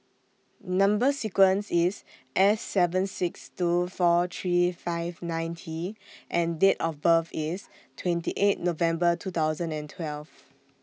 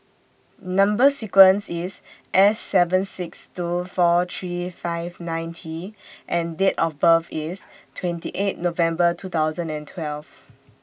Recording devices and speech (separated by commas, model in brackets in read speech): mobile phone (iPhone 6), boundary microphone (BM630), read sentence